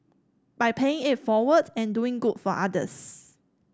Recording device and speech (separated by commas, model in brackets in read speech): standing microphone (AKG C214), read sentence